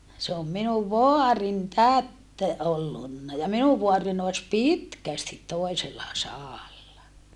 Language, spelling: Finnish, se on minun vaarin täti ollut ja minun vaarini olisi pitkästi toisella sadalla
- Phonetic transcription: se om minuv voarin tät , ollunna ja minuv voarin ‿oes pitkästit toesella saalla .

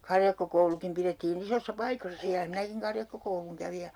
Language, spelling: Finnish, karjakkokoulukin pidettiin isoissa paikoissa siellä minäkin karjakkokoulun kävin ja
- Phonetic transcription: 'karjakkokoulukim pirettii'n ‿isossa 'paikossa siälä 'minäkiŋ "karjakkokouluŋ kävi ja ,.

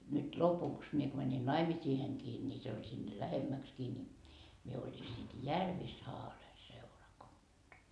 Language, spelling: Finnish, nyt lopuksi minä kun menin naimisiinkin niin se oli sinne lähemmäksikin niin minä olin sitten Järvisaaren seurakunta
- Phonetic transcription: nyt "lopuks mie ko mäni "naimisiiheŋkii ńi , se oĺ sinne "lähemmäkskii ni , mie oĺi sit "Järvi"saare 'seurakunDa .

